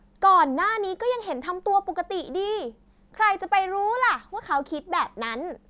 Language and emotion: Thai, happy